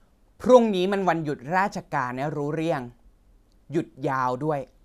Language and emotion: Thai, frustrated